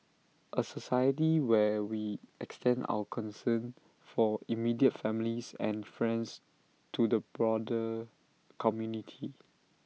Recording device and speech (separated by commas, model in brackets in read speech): mobile phone (iPhone 6), read sentence